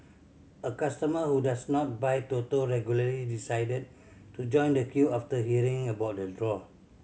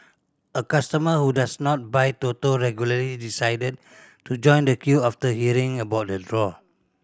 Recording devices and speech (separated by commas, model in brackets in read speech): mobile phone (Samsung C7100), standing microphone (AKG C214), read sentence